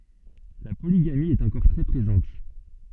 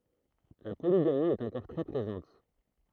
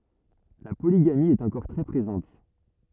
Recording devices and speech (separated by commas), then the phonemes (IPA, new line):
soft in-ear microphone, throat microphone, rigid in-ear microphone, read sentence
la poliɡami ɛt ɑ̃kɔʁ tʁɛ pʁezɑ̃t